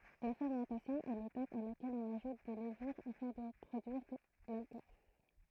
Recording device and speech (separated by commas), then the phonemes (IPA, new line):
throat microphone, read sentence
la fɛʁmɑ̃tasjɔ̃ ɛ letap a lakɛl ɔ̃n aʒut de ləvyʁ afɛ̃ də pʁodyiʁ lalkɔl